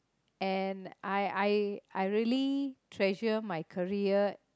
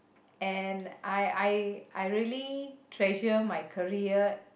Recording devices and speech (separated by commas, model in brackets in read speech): close-talking microphone, boundary microphone, conversation in the same room